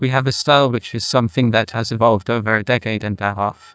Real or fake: fake